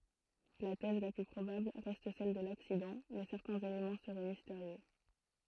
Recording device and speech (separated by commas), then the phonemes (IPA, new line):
throat microphone, read sentence
la tɛz la ply pʁobabl ʁɛst sɛl də laksidɑ̃ mɛ sɛʁtɛ̃z elemɑ̃ səʁɛ misteʁjø